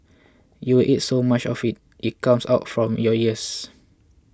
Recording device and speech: close-talking microphone (WH20), read sentence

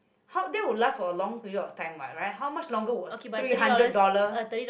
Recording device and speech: boundary microphone, conversation in the same room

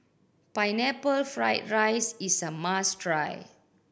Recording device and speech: boundary microphone (BM630), read sentence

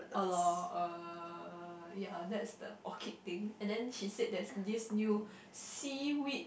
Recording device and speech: boundary microphone, conversation in the same room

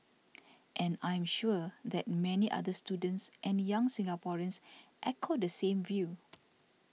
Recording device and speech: mobile phone (iPhone 6), read sentence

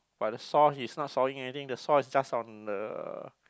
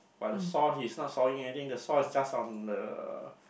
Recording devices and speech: close-talking microphone, boundary microphone, conversation in the same room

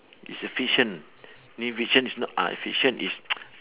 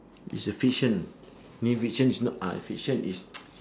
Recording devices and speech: telephone, standing microphone, conversation in separate rooms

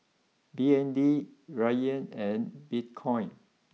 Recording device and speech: mobile phone (iPhone 6), read sentence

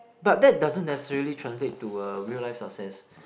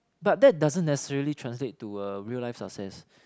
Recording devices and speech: boundary microphone, close-talking microphone, conversation in the same room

